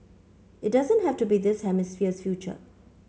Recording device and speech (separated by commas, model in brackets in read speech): mobile phone (Samsung C5), read sentence